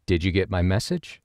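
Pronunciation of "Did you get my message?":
In 'Did you get my message?', the overall pitch of the voice goes upward: it starts lower at the beginning and ends higher.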